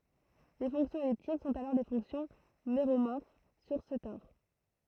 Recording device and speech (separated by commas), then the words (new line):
throat microphone, read sentence
Les fonctions elliptiques sont alors les fonctions méromorphes sur ce tore.